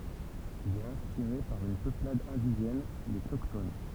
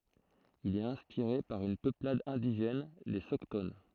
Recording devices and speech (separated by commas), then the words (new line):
temple vibration pickup, throat microphone, read sentence
Il est inspiré par une peuplade indigène, les Soctones.